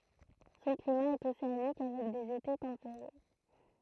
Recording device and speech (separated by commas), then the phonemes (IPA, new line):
throat microphone, read sentence
sɔ̃ klima ɛt oseanik avɛk dez ete tɑ̃peʁe